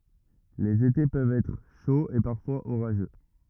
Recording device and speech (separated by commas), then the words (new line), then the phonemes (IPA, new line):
rigid in-ear microphone, read sentence
Les étés peuvent être chauds et parfois orageux.
lez ete pøvt ɛtʁ ʃoz e paʁfwaz oʁaʒø